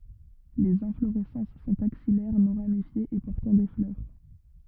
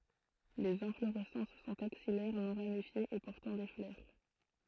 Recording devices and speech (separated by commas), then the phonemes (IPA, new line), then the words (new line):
rigid in-ear microphone, throat microphone, read sentence
lez ɛ̃floʁɛsɑ̃s sɔ̃t aksijɛʁ nɔ̃ ʁamifjez e pɔʁtɑ̃ de flœʁ
Les inflorescences sont axillaires, non ramifiées et portant des fleurs.